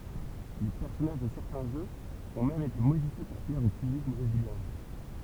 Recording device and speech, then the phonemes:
temple vibration pickup, read sentence
le pɛʁsɔnaʒ də sɛʁtɛ̃ ʒøz ɔ̃ mɛm ete modifje puʁ plɛʁ o pyblik bʁeziljɛ̃

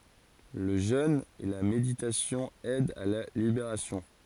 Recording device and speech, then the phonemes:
forehead accelerometer, read sentence
lə ʒøn e la meditasjɔ̃ ɛdt a la libeʁasjɔ̃

